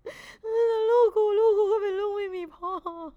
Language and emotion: Thai, sad